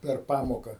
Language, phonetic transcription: Lithuanian, per ˈpamoka

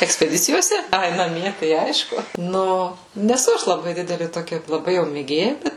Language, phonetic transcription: Lithuanian, ekspeˈdicijose ˈai naˈmie tai ˈaišku ˈnu neˈsu ˈaš laˈbai ˈdideli toˈkia laˈbai jau mėˈgėja ˈbet

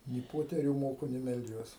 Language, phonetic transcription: Lithuanian, ni ˈpoterių ˈmoku ni melˈdžiuos

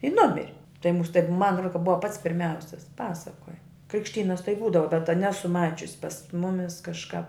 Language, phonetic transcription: Lithuanian, i ˈnumiri tai mūs taip man ro ka ˈbuva pats pirˈmiausis ˈpasakoja krikšˈtynas tai ˈbūdava bet ta ˈnesu ˈmačiusi pas ˈmumis kažˈkāp

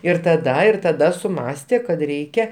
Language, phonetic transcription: Lithuanian, ir taˈda ir taˈda suˈmąstė kad ˈreikia

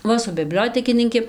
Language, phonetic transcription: Lithuanian, ˈva su biˈbliotekininki

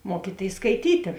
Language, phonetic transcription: Lithuanian, ˈmuokytėis skaiˈtytė

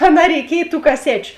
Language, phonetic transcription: Lithuanian, aˈnā reiˈkiej tų kaˈsečiu

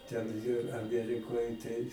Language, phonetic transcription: Lithuanian, ten jie aˈmierikoj tai

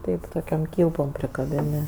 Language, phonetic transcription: Lithuanian, ˈtaip toˈkiom ˈkylpom prikaˈbini

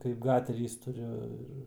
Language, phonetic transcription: Lithuanian, kaip ˈgaterys tuˈriu ir

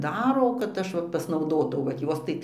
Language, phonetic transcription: Lithuanian, ˈdaro kad ˈaš va pasnauˈdotau vat ˈjos tai

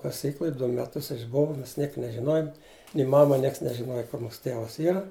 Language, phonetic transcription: Lithuanian, kaˈsykluj ˈdu meˈtus išˈbova ˈmes ˈniek nežiˈnojum ni ˈmama ˈnieks nežiˈnoja kur ˈmūsu ˈtėvas ˈyra

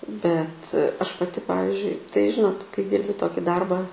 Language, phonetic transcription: Lithuanian, bet ˈaš paˈti ˈpavizdžiui tai ˈžinot kai ˈdyrbi ˈtoki ˈdarbą

